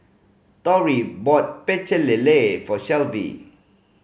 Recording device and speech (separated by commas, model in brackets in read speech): mobile phone (Samsung C5010), read sentence